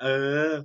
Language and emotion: Thai, happy